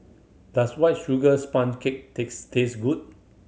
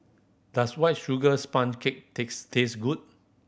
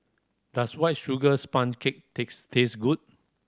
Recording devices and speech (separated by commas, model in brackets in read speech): mobile phone (Samsung C7100), boundary microphone (BM630), standing microphone (AKG C214), read sentence